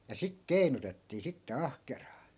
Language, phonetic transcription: Finnish, ja 'sik "kei̮nutettii sitte 'ahkeraa .
- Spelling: ja sitten keinutettiin sitten ahkeraan

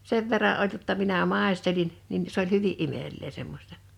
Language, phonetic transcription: Finnish, 'sev verra’ '’oĺ jotta 'minä 'màestelin , nin , s ‿oĺ 'hyvi’ "’imel̆ee 'semmośta .
- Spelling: sen verran oli jotta minä maistelin niin se oli hyvin imelää semmoista

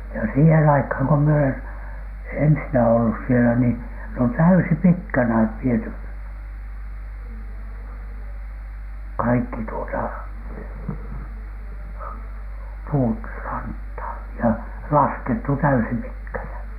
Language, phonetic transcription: Finnish, ja siihen aikhaŋ ko mie olen , 'ensinä ollus sielä nii , ne on "täysipitkänä 'viety , kaikki tuota , puut , ranthaan , ja laskettu 'täysipitkänä .
- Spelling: ja siihen aikaan kun minä olen ensinnä ollut siellä niin ne on täyspitkänä viety kaikki tuota puut rantaan ja laskettu täyspitkänä

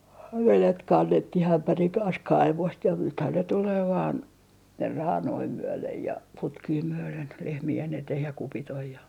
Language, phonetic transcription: Finnish, ja 'velet 'kannettih 'ämpäriŋ kans "kaivost ja 'nythän ne tulee vaan , 'raanoi 'myölej ja , 'putkii myölen , 'lehmi₍en eteh ja 'kupit ‿oj ja .
- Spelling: ja vedet kannettiin ämpärin kanssa kaivosta ja nythän ne tulee vain raanoja myöden ja putkia myöden lehmien eteen ja kupit on ja

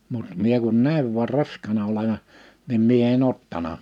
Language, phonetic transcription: Finnish, mut mie kun 'nä̀iv vuar 'rask̆kaana ole(va) , nim 'mie e'n ‿ottana .
- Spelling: mutta minä kun näin vain raskaana olevan niin minä en ottanut

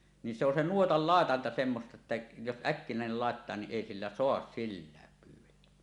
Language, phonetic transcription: Finnish, ni se ‿on 'nuotal "làetanta semmosta että , jos "ˀäkkinä̀enel làettaa ni 'ˀèi sillä "soas "sillääk kyllä .
- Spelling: niin se on nuotan laitanta semmoista että jos äkkinäinen laittaa niin ei sillä saa silläkään kyllä

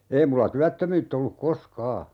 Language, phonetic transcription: Finnish, 'ei mulla 'tyättömyytt ‿olluk "kos"kaa !
- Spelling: ei minulla työttömyyttä ollut koskaan

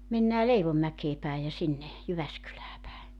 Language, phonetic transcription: Finnish, 'mennää "Leivommäkee päi ja 'sinne , 'Jyväskylää päe .
- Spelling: mennään Leivonmäkeen päin ja sinne Jyväskylään päin

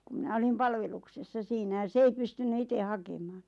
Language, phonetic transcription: Finnish, ku mⁱnä 'olim "palveluksessa 'siinä ja 's ‿ei pystynny 'ite "hakemaaⁿ .
- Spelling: kun minä olin palveluksessa siinä ja se ei pystynyt itse hakemaan

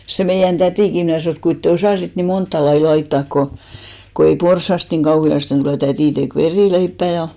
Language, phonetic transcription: Finnish, 'se meijän 'tätìki 'mnä̀ sanò et » 'kuint te "osàsit ni 'montta lai 'laittàk ko , ko 'ei "porssast niŋ 'ɢauhi₍asten tulè « , 'tätì tek "verìleippä̀ ja ,.
- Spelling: se meidän tätikin minä sanoin että kuinka te osasitte niin montaa lajia laittaa kun kun ei porsaasta niin kauheasti tule täti teki verileipää ja

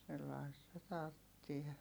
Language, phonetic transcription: Finnish, sellaista tarttie .
- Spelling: sellaista tarvitsee

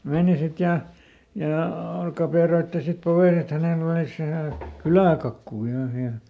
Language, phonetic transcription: Finnish, ˈmeeni ˈsit ja , jà "kapèroitti sit ˈpoveen ‿et ˈhänel ‿olìs ˈvähä̀ , "kylä̀kakkuu ˈvähä ˈhiäl .
- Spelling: meni sitten ja ja kaperoitsi sitten poveen että hänellä olisi vähän kyläkakkua vähän siellä

